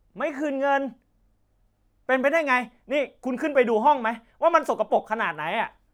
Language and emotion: Thai, angry